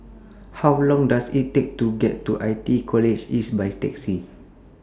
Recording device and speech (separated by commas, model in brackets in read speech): standing microphone (AKG C214), read sentence